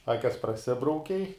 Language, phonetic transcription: Lithuanian, ˈakes praˈsibraukei

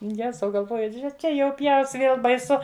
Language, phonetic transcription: Lithuanian, ˈjezau galˈvoju ˈže ˈčia jau ˈpjaus ˈvėl baiˈsu

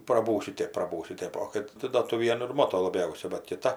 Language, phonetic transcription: Lithuanian, praˈbūsiu ˈtėp praˈbūsiu ˈtėp o ˈkad ti do tuo ˈvienu ir ˈmoto laˈbiausia bat kiˈta

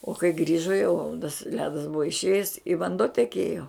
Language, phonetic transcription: Lithuanian, o kai ˈgrįžo jau tas ˈledas ˈbuvo išˈėjes i vanˈduo teˈkėjo

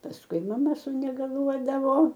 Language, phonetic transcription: Lithuanian, pasˈkui maˈma sunegaˈluodavo

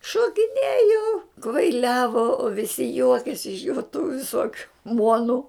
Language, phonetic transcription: Lithuanian, šokiˈnėjo kvaiˈliavo o viˈsi ˈjuokėsi iš jo tų viˈsokiu ˈmuonu

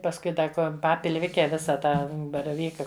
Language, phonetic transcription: Lithuanian, pasˈkui ˈda ˈko ˈpapilˈvike ˈvisa ˈtą baraˈvyka

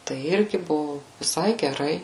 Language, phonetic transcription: Lithuanian, tai ˈirgi ˈbuvu viˈsai geˈrai

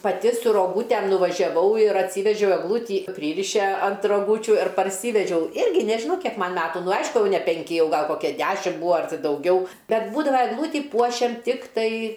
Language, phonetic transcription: Lithuanian, paˈti su roˈgūtem nuvažiaˈvau ir atˈsyvežiau egˈlūtį ˈpryriše ant roˈgūčiu ir parˈsyvedžiau ˈirgi ˈnežinau ˈkiek ˈman ˈmetu ˈnu ˈaišku ne penˈki ˈjau ˈgal ˈkokia ˈdešim ˈbūa ar dauˈgiau ˈbet ˈbūdava egˈlūtį ˈpuošiam ˈtiktai

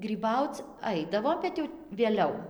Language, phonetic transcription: Lithuanian, gryˈbauc ˈaidavo bet ˈjau vėˈliau

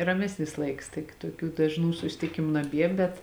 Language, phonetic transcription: Lithuanian, raˈmesnis ˈlaiks ˈtik tuoˈkių dažˈnų susitiˈkimu naˈbie ˈbet

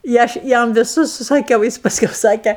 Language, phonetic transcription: Lithuanian, i ˈaš ˈjam viˈsus susaˈkiau ˈjis pasˈkiau ˈsakė

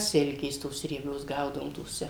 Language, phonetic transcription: Lithuanian, ˈsilkės tos rieˈbios ˈgaudavom toˈse

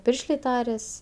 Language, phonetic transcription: Lithuanian, ˈpiršlė ˈtarias

